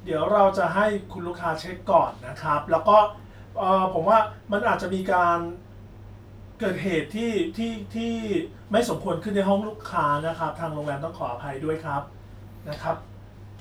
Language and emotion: Thai, neutral